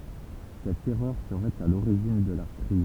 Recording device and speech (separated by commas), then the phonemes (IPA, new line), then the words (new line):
temple vibration pickup, read sentence
sɛt ɛʁœʁ səʁɛt a loʁiʒin də la kʁiz
Cette erreur serait à l'origine de la crise.